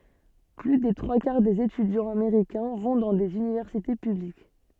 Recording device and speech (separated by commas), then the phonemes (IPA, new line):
soft in-ear microphone, read sentence
ply de tʁwa kaʁ dez etydjɑ̃z ameʁikɛ̃ vɔ̃ dɑ̃ dez ynivɛʁsite pyblik